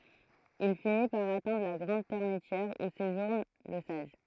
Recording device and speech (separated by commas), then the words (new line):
throat microphone, read sentence
Il finit par atteindre la grande termitière où séjourne le sage.